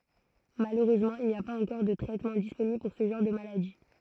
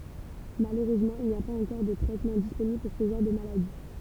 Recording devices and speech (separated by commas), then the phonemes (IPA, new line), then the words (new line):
throat microphone, temple vibration pickup, read sentence
maløʁøzmɑ̃ il ni a paz ɑ̃kɔʁ də tʁɛtmɑ̃ disponibl puʁ sə ʒɑ̃ʁ də maladi
Malheureusement, il n'y a pas encore de traitements disponibles pour ce genre de maladies.